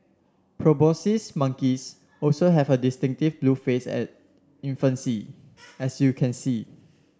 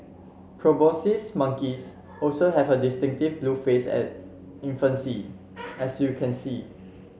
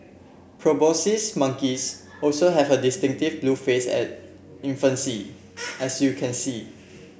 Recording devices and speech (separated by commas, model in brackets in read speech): standing microphone (AKG C214), mobile phone (Samsung C7), boundary microphone (BM630), read sentence